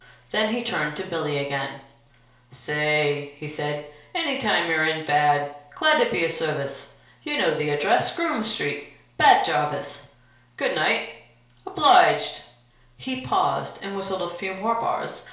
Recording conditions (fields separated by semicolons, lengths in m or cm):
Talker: one person; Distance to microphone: 1.0 m; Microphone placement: close; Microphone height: 1.1 m; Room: small (3.7 m by 2.7 m); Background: none